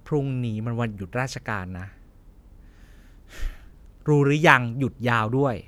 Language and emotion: Thai, frustrated